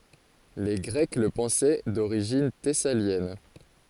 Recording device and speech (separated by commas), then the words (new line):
forehead accelerometer, read sentence
Les Grecs le pensaient d’origine thessalienne.